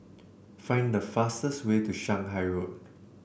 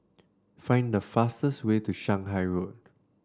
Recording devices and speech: boundary microphone (BM630), standing microphone (AKG C214), read sentence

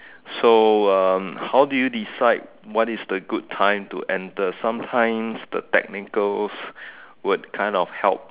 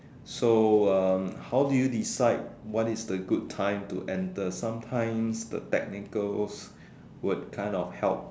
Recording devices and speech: telephone, standing microphone, conversation in separate rooms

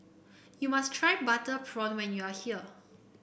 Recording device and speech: boundary microphone (BM630), read sentence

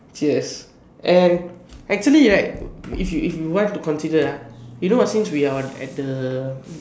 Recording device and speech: standing microphone, conversation in separate rooms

